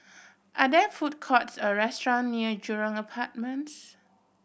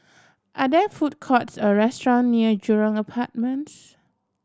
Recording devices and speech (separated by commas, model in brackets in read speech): boundary microphone (BM630), standing microphone (AKG C214), read sentence